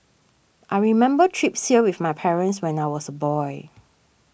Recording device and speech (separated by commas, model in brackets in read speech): boundary microphone (BM630), read sentence